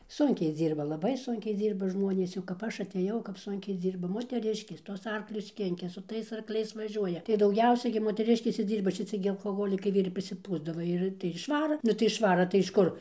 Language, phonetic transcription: Lithuanian, ˈsunkiai ˈdzyrba laˈbai ˈsunkiai ˈdzyrba ˈžmonės jau kap ˈaš aˈtėjau kap ˈsunkiai ˈdzyrba moteˈriškės ˈtuos ˈarklius ˈkinkia su ˈtais arkˈliais vaˈžiuoja tai dauˈgiausiai gi moteˈriškės ir ˈdzyrba šiˈci gi alkoˈholikai ir prisiˈpūsdava ˈir tai ir išˈvara ˈnu tai išˈvara tai iš ˈkur

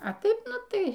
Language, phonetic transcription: Lithuanian, a ˈtaip ˈnu ˈtai

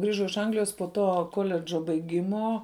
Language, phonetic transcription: Lithuanian, ˈgrižau iš ˈanglijos po ˈto ˈkoledžo baiˈgimo

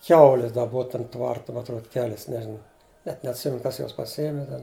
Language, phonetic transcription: Lithuanian, ˈkiaulis da ˈbova ˈtam ˈtvart ma atˈruod ˈkelis ˈnežina net neatˈsimenu ˈkas ˈjuos paˈsijiemi ˈten

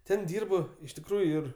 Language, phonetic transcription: Lithuanian, ˈten ˈdyrb iš tikˈrųju ir

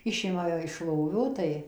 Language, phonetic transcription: Lithuanian, ˈišima ją iš ˈlovio ˈtai

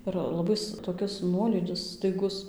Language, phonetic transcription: Lithuanian, ir laˈbais toˈkis ˈnuolydis staiˈgus

